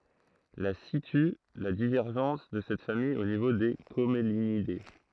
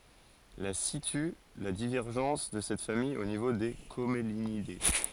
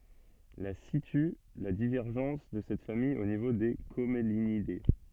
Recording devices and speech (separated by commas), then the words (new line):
throat microphone, forehead accelerometer, soft in-ear microphone, read sentence
La situe la divergence de cette famille au niveau des Commelinidées.